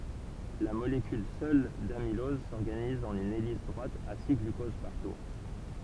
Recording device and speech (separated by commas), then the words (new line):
temple vibration pickup, read sentence
La molécule seule d'amylose s'organise en une hélice droite à six glucoses par tour.